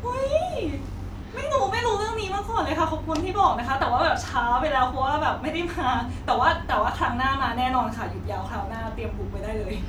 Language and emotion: Thai, happy